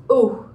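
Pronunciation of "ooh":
The vowel sound here is short, the vowel heard in 'foot', 'wood' and 'book'.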